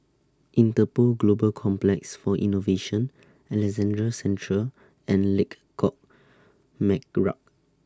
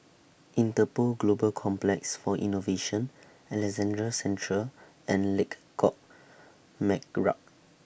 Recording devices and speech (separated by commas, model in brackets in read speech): standing microphone (AKG C214), boundary microphone (BM630), read sentence